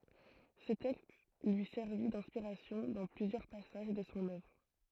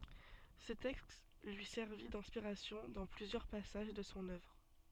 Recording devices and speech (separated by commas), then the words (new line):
throat microphone, soft in-ear microphone, read sentence
Ce texte lui servit d'inspiration dans plusieurs passages de son œuvre.